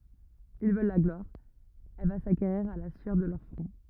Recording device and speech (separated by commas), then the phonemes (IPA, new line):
rigid in-ear microphone, read sentence
il vœl la ɡlwaʁ ɛl va sakeʁiʁ a la syœʁ də lœʁ fʁɔ̃